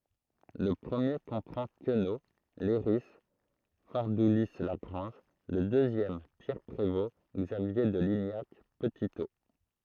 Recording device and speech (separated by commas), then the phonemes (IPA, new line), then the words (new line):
throat microphone, read sentence
lə pʁəmje kɔ̃pʁɑ̃ kəno lɛʁi faʁduli laɡʁɑ̃ʒ lə døzjɛm pjɛʁ pʁevo ɡzavje də liɲak pətito
Le premier comprend Queneau, Leiris, Fardoulis-Lagrange, le deuxième Pierre Prévost, Xavier de Lignac, Petitot.